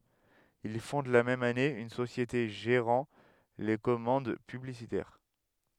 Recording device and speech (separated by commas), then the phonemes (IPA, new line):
headset microphone, read sentence
il fɔ̃d la mɛm ane yn sosjete ʒeʁɑ̃ le kɔmɑ̃d pyblisitɛʁ